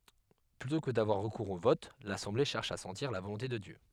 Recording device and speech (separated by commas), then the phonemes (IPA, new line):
headset microphone, read sentence
plytɔ̃ kə davwaʁ ʁəkuʁz o vɔt lasɑ̃ble ʃɛʁʃ a sɑ̃tiʁ la volɔ̃te də djø